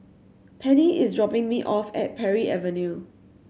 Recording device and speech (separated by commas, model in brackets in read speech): mobile phone (Samsung C7100), read sentence